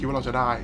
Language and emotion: Thai, neutral